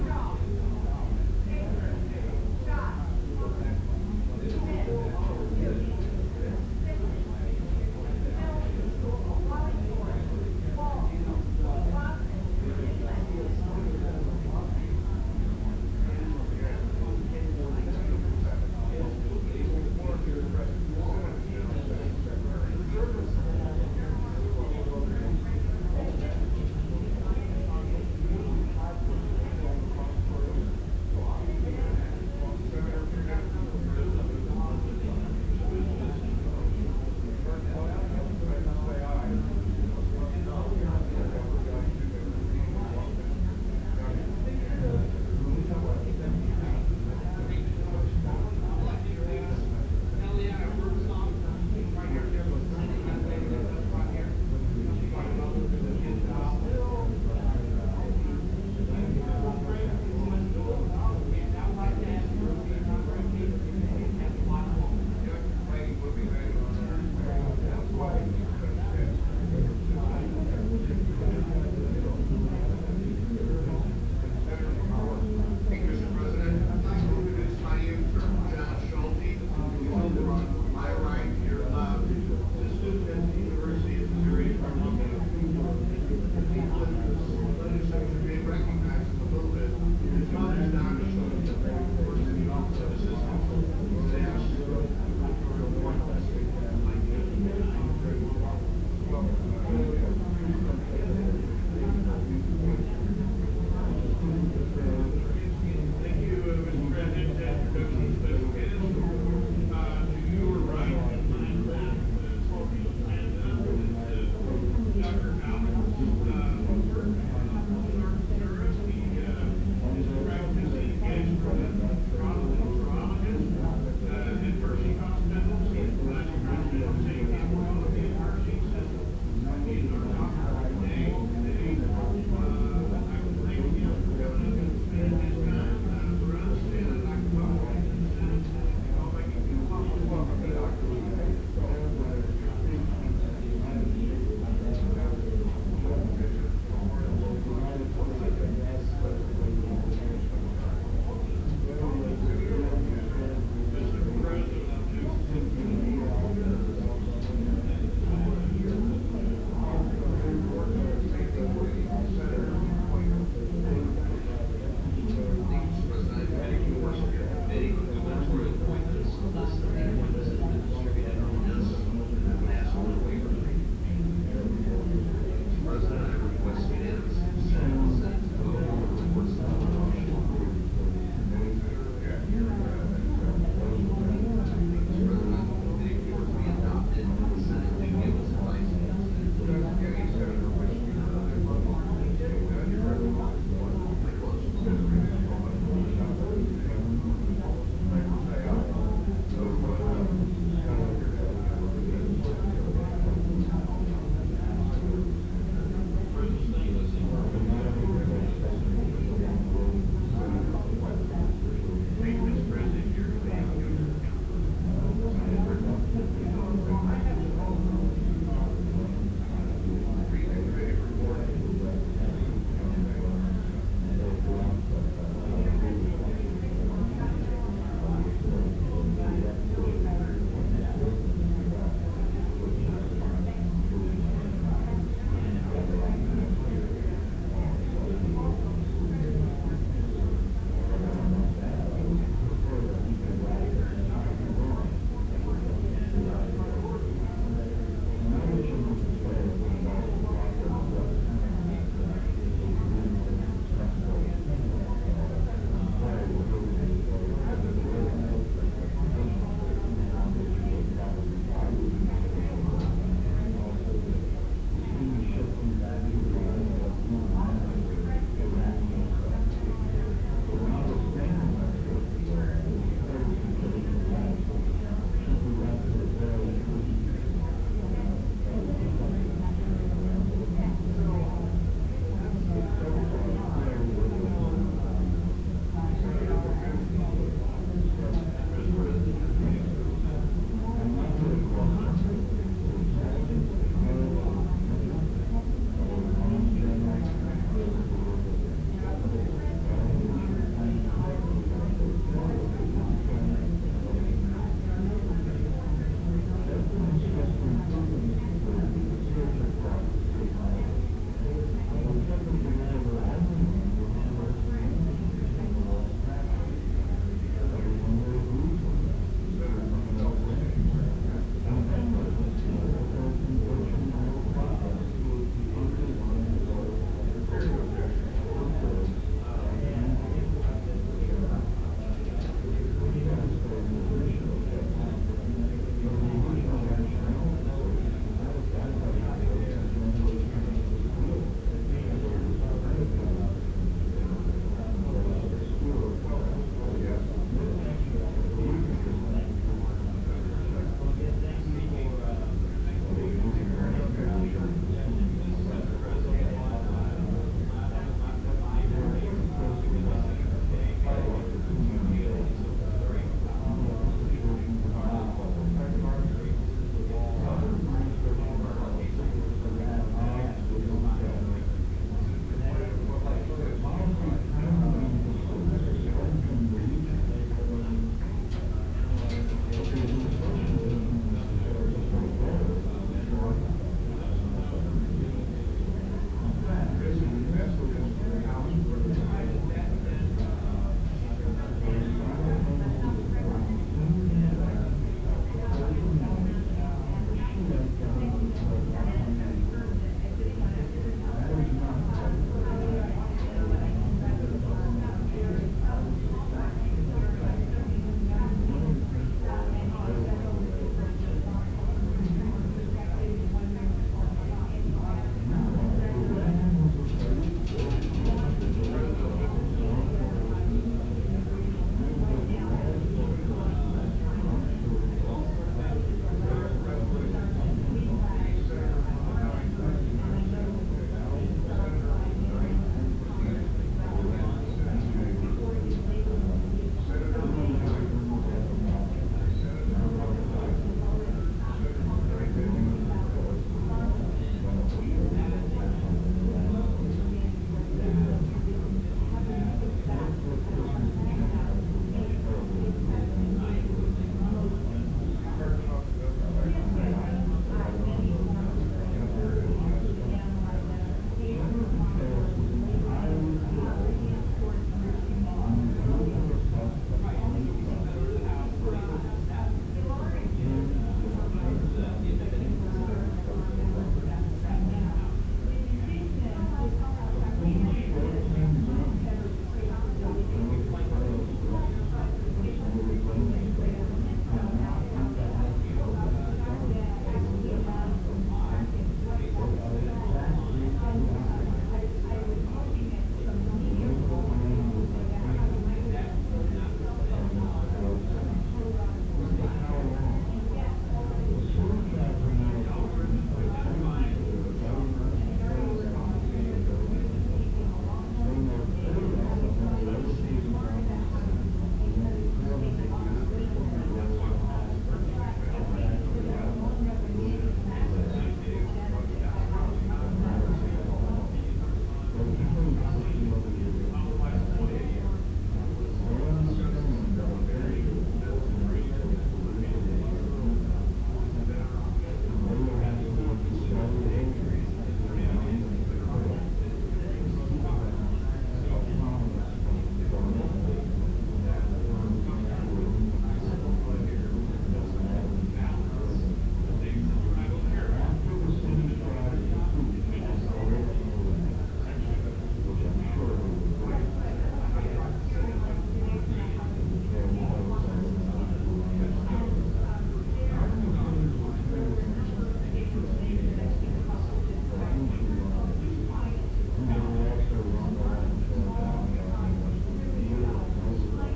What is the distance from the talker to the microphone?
No main talker.